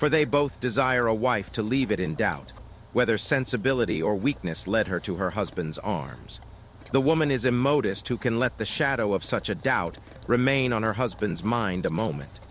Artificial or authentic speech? artificial